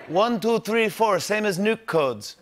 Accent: Slovenian accent